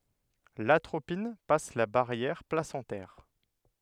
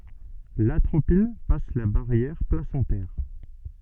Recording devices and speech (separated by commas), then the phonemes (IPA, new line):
headset microphone, soft in-ear microphone, read sentence
latʁopin pas la baʁjɛʁ plasɑ̃tɛʁ